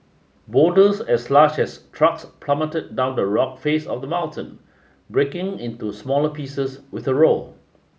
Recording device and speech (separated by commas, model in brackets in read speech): mobile phone (Samsung S8), read sentence